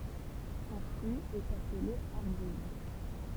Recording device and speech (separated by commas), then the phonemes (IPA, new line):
temple vibration pickup, read sentence
sɔ̃ fʁyi ɛt aple aʁbuz